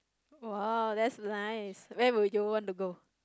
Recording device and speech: close-talking microphone, conversation in the same room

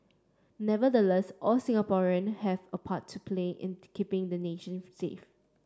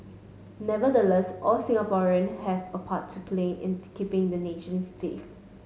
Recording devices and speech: standing microphone (AKG C214), mobile phone (Samsung S8), read sentence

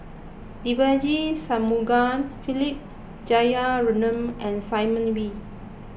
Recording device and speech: boundary microphone (BM630), read sentence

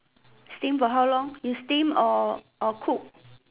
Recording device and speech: telephone, conversation in separate rooms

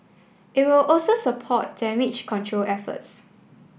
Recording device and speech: boundary microphone (BM630), read sentence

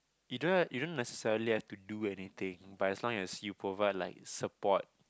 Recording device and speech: close-talking microphone, conversation in the same room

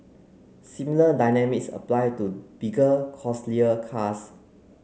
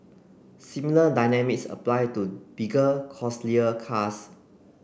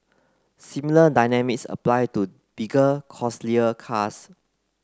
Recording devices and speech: mobile phone (Samsung C9), boundary microphone (BM630), close-talking microphone (WH30), read sentence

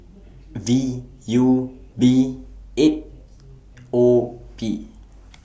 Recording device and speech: boundary microphone (BM630), read sentence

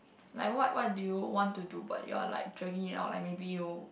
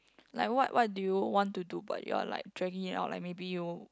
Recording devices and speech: boundary microphone, close-talking microphone, conversation in the same room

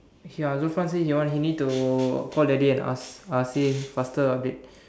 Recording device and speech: standing microphone, conversation in separate rooms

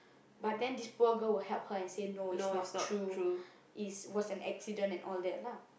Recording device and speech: boundary microphone, conversation in the same room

